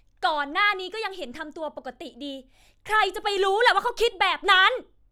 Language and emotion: Thai, angry